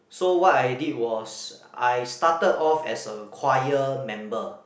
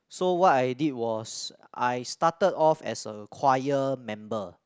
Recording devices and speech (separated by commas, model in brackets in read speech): boundary microphone, close-talking microphone, conversation in the same room